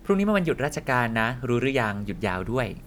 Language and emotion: Thai, neutral